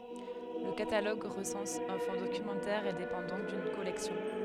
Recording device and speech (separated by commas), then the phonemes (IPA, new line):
headset microphone, read sentence
lə kataloɡ ʁəsɑ̃s œ̃ fɔ̃ dokymɑ̃tɛʁ e depɑ̃ dɔ̃k dyn kɔlɛksjɔ̃